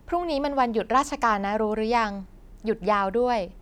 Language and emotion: Thai, neutral